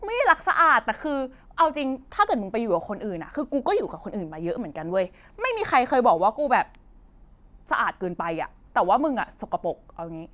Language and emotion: Thai, frustrated